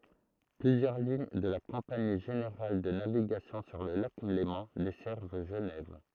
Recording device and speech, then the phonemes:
throat microphone, read sentence
plyzjœʁ liɲ də la kɔ̃pani ʒeneʁal də naviɡasjɔ̃ syʁ lə lak lemɑ̃ dɛsɛʁv ʒənɛv

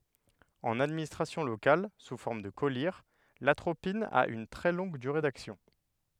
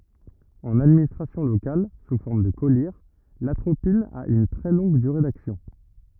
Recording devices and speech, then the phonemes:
headset microphone, rigid in-ear microphone, read sentence
ɑ̃n administʁasjɔ̃ lokal su fɔʁm də kɔliʁ latʁopin a yn tʁɛ lɔ̃ɡ dyʁe daksjɔ̃

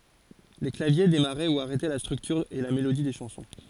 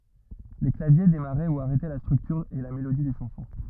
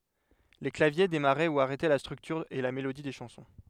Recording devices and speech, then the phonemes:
forehead accelerometer, rigid in-ear microphone, headset microphone, read sentence
le klavje demaʁɛ u aʁɛtɛ la stʁyktyʁ e la melodi de ʃɑ̃sɔ̃

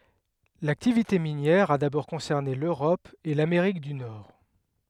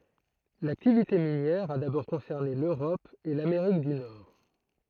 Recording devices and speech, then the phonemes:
headset microphone, throat microphone, read sentence
laktivite minjɛʁ a dabɔʁ kɔ̃sɛʁne løʁɔp e lameʁik dy nɔʁ

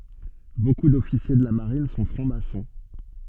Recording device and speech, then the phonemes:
soft in-ear microphone, read sentence
boku dɔfisje də la maʁin sɔ̃ fʁɑ̃ksmasɔ̃

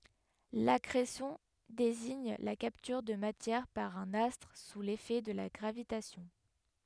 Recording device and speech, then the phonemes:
headset microphone, read sentence
lakʁesjɔ̃ deziɲ la kaptyʁ də matjɛʁ paʁ œ̃n astʁ su lefɛ də la ɡʁavitasjɔ̃

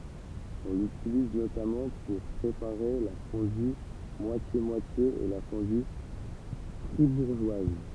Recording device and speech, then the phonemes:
temple vibration pickup, read sentence
ɔ̃ lytiliz notamɑ̃ puʁ pʁepaʁe la fɔ̃dy mwasjemwatje e la fɔ̃dy fʁibuʁʒwaz

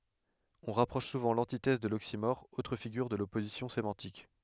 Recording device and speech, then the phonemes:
headset microphone, read sentence
ɔ̃ ʁapʁɔʃ suvɑ̃ lɑ̃titɛz də loksimɔʁ otʁ fiɡyʁ də lɔpozisjɔ̃ semɑ̃tik

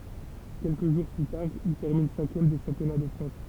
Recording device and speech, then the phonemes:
temple vibration pickup, read sentence
kɛlkə ʒuʁ ply taʁ il tɛʁmin sɛ̃kjɛm de ʃɑ̃pjɔna də fʁɑ̃s

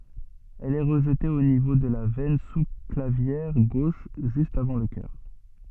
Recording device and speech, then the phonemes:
soft in-ear microphone, read sentence
ɛl ɛ ʁəʒte o nivo də la vɛn su klavjɛʁ ɡoʃ ʒyst avɑ̃ lə kœʁ

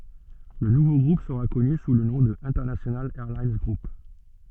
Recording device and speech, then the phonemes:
soft in-ear microphone, read sentence
lə nuvo ɡʁup səʁa kɔny su lə nɔ̃ də ɛ̃tɛʁnasjonal ɛʁlin ɡʁup

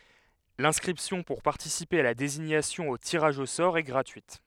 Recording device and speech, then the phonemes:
headset microphone, read sentence
lɛ̃skʁipsjɔ̃ puʁ paʁtisipe a la deziɲasjɔ̃ o tiʁaʒ o sɔʁ ɛ ɡʁatyit

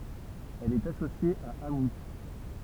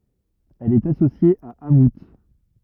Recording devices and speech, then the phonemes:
temple vibration pickup, rigid in-ear microphone, read sentence
ɛl ɛt asosje a amu

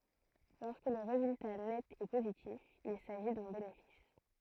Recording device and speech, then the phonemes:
throat microphone, read sentence
lɔʁskə lə ʁezylta nɛt ɛ pozitif il saʒi dœ̃ benefis

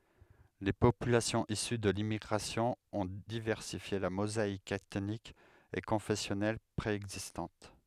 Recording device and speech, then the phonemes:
headset microphone, read sentence
le popylasjɔ̃z isy də limmiɡʁasjɔ̃ ɔ̃ divɛʁsifje la mozaik ɛtnik e kɔ̃fɛsjɔnɛl pʁeɛɡzistɑ̃t

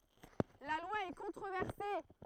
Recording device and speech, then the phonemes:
throat microphone, read sentence
la lwa ɛ kɔ̃tʁovɛʁse

